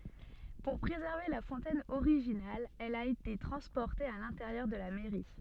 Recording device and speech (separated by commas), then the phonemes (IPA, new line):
soft in-ear microphone, read sentence
puʁ pʁezɛʁve la fɔ̃tɛn oʁiʒinal ɛl a ete tʁɑ̃spɔʁte a lɛ̃teʁjœʁ də la mɛʁi